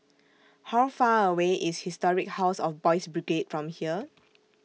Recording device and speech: mobile phone (iPhone 6), read sentence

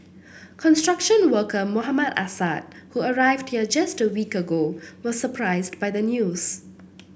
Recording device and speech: boundary microphone (BM630), read sentence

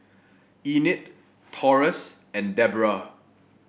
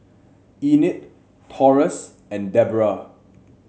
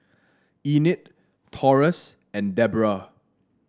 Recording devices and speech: boundary microphone (BM630), mobile phone (Samsung C7), standing microphone (AKG C214), read sentence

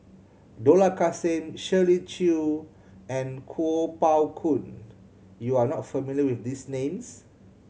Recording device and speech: mobile phone (Samsung C7100), read sentence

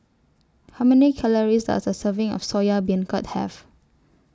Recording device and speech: standing microphone (AKG C214), read sentence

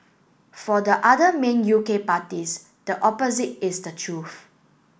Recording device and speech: boundary microphone (BM630), read sentence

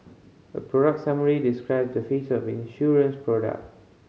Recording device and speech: mobile phone (Samsung C5010), read sentence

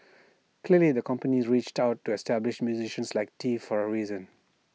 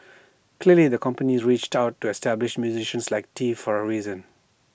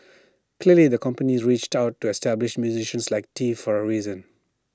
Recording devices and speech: mobile phone (iPhone 6), boundary microphone (BM630), standing microphone (AKG C214), read sentence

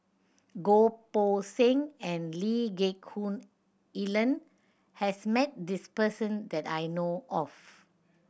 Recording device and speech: boundary microphone (BM630), read sentence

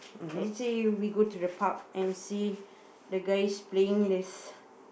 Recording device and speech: boundary microphone, conversation in the same room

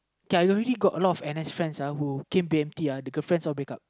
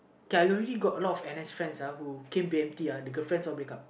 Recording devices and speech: close-talking microphone, boundary microphone, conversation in the same room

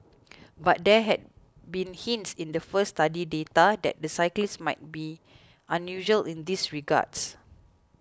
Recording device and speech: close-talking microphone (WH20), read sentence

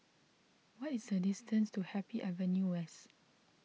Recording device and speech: mobile phone (iPhone 6), read sentence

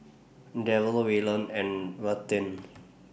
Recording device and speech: boundary microphone (BM630), read sentence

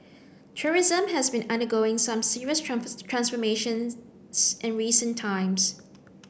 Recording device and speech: boundary microphone (BM630), read sentence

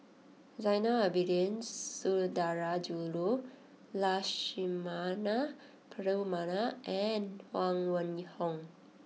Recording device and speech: mobile phone (iPhone 6), read sentence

